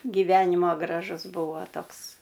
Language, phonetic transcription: Lithuanian, giˈvenimo graˈžusˈbuvo ˈtoks

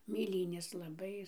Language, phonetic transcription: Lithuanian, mėˈlynės laˈbai

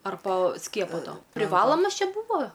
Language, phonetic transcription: Lithuanian, ar po ˈskiepo ˈto priˈvalomas ˈčia ˈbuvo

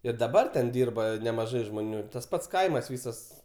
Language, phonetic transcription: Lithuanian, ir daˈbar ten ˈdyrba nemaˈžai žmoˈnių ir tas ˈpats ˈkaimas ˈvysas

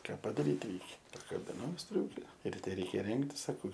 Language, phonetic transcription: Lithuanian, ˈką padaˈryt ˈreikia pakabiˈnau ˈstriūke riˈte ˈreikia ˈrengtis saˈkau

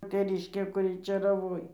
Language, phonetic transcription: Lithuanian, teˈriškė kuˈri čėraˈvoj

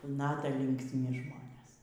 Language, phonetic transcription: Lithuanian, ˈnata linksˈmi ˈžmonės

